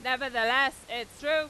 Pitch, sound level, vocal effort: 265 Hz, 103 dB SPL, very loud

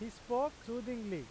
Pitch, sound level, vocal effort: 235 Hz, 95 dB SPL, very loud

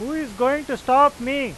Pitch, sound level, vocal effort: 265 Hz, 98 dB SPL, loud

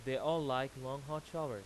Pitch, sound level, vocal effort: 135 Hz, 94 dB SPL, loud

